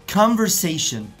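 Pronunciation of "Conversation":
'Conversation' is pronounced correctly here.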